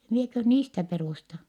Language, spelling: Finnish, minäkös niistä perustan
- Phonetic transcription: mieköh niistä perùsta . »

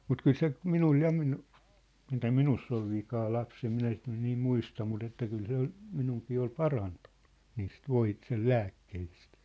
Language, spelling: Finnish, mutta kyllä se minulle ja - mitä minussa oli vikaa lapsena minä sitä nyt niin muista mutta että kyllä se oli minunkin oli parantunut niistä - sen lääkkeistä
- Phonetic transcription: mut 'kyl se , 'minul ja minu- , mitä "minuss ‿ol 'vikaa 'lapsem 'minä sit nyn niim "muista mut ‿että 'kyl 'se ‿ol , 'minuŋkii ol "parantᴜɴɴᴜ , niist "voi- , sel "lääkkehist .

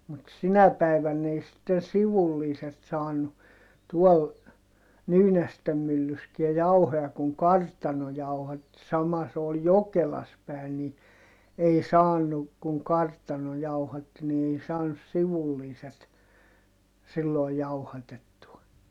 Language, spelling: Finnish, mutta sinä päivänä ei sitten sivulliset saanut tuolla Nyynästen myllyssäkään jauhoja kun kartano jauhatti sama se oli Jokelassa päin niin ei saanut kun kartano jauhatti niin ei saanut sivulliset silloin jauhatettua
- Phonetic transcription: mut sinä päi̮vänn ‿ei sitten sivulliiset saanu , tuɔl , Nyynästem myllyskiä jauhoja kuŋ kartano jauhatti - sama se ol Jokelas pä̀in ni , ei saanu , kuŋ kartano jauhatti ni ei saanus sivulliiset sillòi̮ jauhatettua .

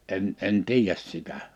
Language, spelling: Finnish, en en tiedä sitä
- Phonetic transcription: '’en '’en "tiij̀äs 'sitä .

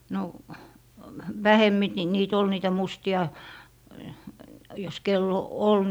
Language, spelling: Finnish, no vähemmin - niitä oli niitä mustia jos kenellä on ollut
- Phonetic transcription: no , 'vähemmi t - nii't ‿ol niitä "musti₍a , jos 'kell ‿o "ol .

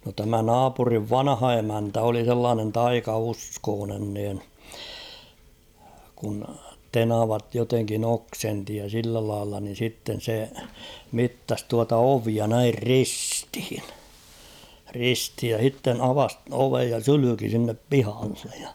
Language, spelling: Finnish, no tämä naapurin vanha emäntä oli sellainen taikauskoinen niin kun tenavat jotenkin oksensi ja sillä lailla niin sitten se mittasi tuota ovea näin ristiin ristiin ja sitten avasi oven ja sylki sinne pihalle ja
- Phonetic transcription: no tämä "naapuriv "vanᵃha 'emäntä oli sellaanen "taikauskoonen niin , kun "tenavat joteŋkin ‿'oksenti ja 'sillä lailla nin̬ sitten̬ se , 'mittas tuata "ovia näir "ristᴵhɪɴ , 'risthij ja 'h̬itten 'avas "ovej ja 'sylyki sinnep "pihallᴇᴊ ᴊᴀ .

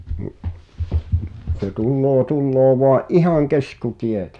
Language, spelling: Finnish, niin se tulee tulee vain ihan keskitietä
- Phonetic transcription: ni’ , se 'tulloo 'tulloo voa’ "’ihaŋ 'keskutietᴀ̈ .

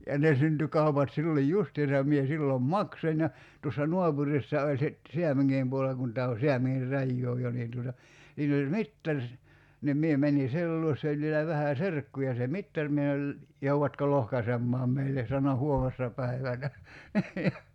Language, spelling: Finnish, ja ne syntyi kaupat silloin justiinsa ja minä silloin maksoin ja tuossa naapurissa oli sitten Säämingin puolella kun tämä on Säämingin rajaa jo niin tuota siinä oli mittari niin minä menin sen luo se oli vielä vähän serkkuja se mittari minä sanoin joudatko lohkaisemaan meille sanoi huomenessa päivänä
- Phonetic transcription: ja 'ne synty 'kaupat 'silloj "justiisa ja mie 'sillom "maksoń ja , 'tuossa "nuapurissa oĺ sit , 'Siämiŋŋiim puo(le)la kun tää o "Siämiŋir 'rajjoo 'jo niin tuota , 'siin ‿oĺ "mittaŕ , nim 'mie 'mäńi "sel luos se oĺ vielä 'vähä̀ "serkkuja se "mittar mie [sa]nol , » 'jouvatko "lohkasemmaam 'meille « sano » "huomessa 'päivänä « .

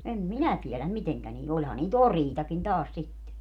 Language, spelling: Finnish, en minä tiedä miten niillä olihan niitä oriitakin taas sitten
- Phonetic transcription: 'em "minä tieläm 'miteŋkä niil - 'oĺha nii"t ‿oriitakin 'taas sitte .

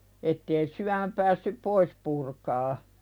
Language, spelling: Finnish, että ei syömä päässyt pois purkamaan
- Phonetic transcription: ettee 'syämä päässyp "pois purkaa .

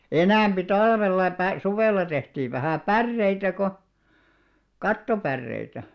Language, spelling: Finnish, enempi talvella - suvella tehtiin vähän päreitä kun kattopäreitä
- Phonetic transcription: enä̀mʙi 'talvella pä- , 'suvèlla tehtiiv vähä̀ "pärreitä ko , 'kattopärreitä .

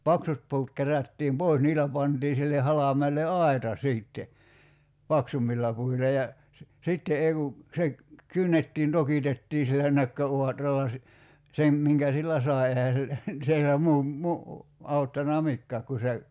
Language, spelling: Finnish, paksut puut kerättiin pois niillä pantiin sille halmeelle aita sitten paksummilla puilla ja se sitten ei kun se kynnettiin tokitettiin sillä nökköauralla - sen minkä sillä sai eihän sillä siellä muu - auttanut mikään kun se
- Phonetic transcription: "paksut pu̬ut 'kerättiim "pòis 'niilä pantii sille 'halam̀eel̆le "ai̬ta 'siitte , "paksummilla 'puila ja , se , 'sitte 'ei ku , se , 'kynnettiin 'tokitettii sillä 'nökkö'uatralla si- , 'sem , 'miŋkä sillä "sài̬ ehä sillä , sielä 'muu , 'mu- , 'auttana "mikkääk ku se ,.

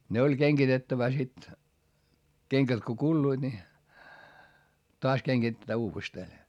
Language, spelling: Finnish, ne oli kengitettävä sitten kengät kun kuluivat niin taas kengitetään uudestaan
- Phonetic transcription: ne oĺ keŋGitettävä sit , keŋkät ko kulluiD ni , toas keŋGitettää uuvestee .

